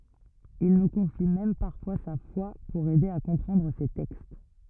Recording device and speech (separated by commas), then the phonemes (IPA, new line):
rigid in-ear microphone, read sentence
il nu kɔ̃fi mɛm paʁfwa sa fwa puʁ ɛde a kɔ̃pʁɑ̃dʁ se tɛkst